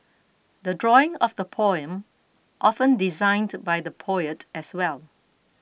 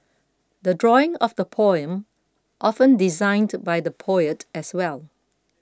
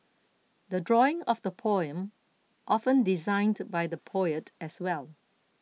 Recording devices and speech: boundary microphone (BM630), close-talking microphone (WH20), mobile phone (iPhone 6), read sentence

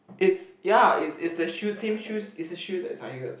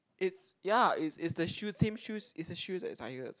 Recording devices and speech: boundary microphone, close-talking microphone, conversation in the same room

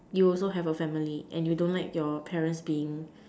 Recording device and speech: standing microphone, conversation in separate rooms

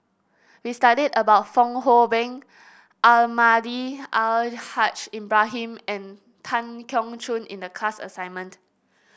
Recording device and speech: boundary microphone (BM630), read sentence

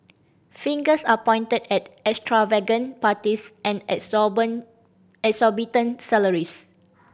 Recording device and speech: boundary microphone (BM630), read sentence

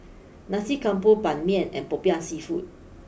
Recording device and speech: boundary microphone (BM630), read sentence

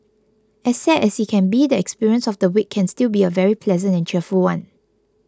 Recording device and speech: close-talking microphone (WH20), read sentence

